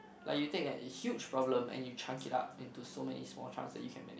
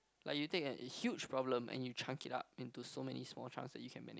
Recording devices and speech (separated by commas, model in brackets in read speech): boundary microphone, close-talking microphone, conversation in the same room